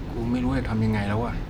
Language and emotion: Thai, neutral